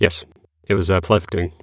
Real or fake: fake